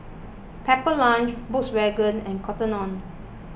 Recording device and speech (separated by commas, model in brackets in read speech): boundary microphone (BM630), read sentence